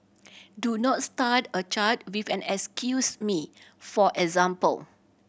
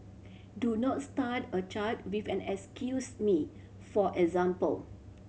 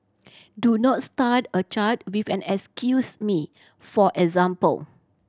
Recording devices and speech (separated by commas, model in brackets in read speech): boundary microphone (BM630), mobile phone (Samsung C7100), standing microphone (AKG C214), read sentence